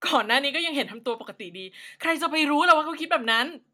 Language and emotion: Thai, frustrated